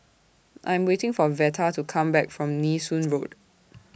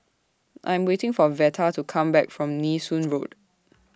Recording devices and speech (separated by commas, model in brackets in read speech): boundary microphone (BM630), standing microphone (AKG C214), read sentence